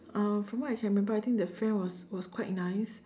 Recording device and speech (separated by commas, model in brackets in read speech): standing microphone, conversation in separate rooms